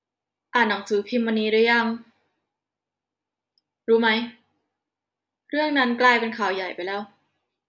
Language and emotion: Thai, frustrated